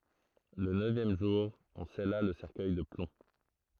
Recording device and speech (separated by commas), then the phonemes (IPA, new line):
throat microphone, read sentence
lə nøvjɛm ʒuʁ ɔ̃ sɛla lə sɛʁkœj də plɔ̃